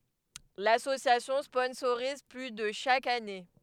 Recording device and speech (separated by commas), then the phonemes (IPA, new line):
headset microphone, read sentence
lasosjasjɔ̃ spɔ̃soʁiz ply də ʃak ane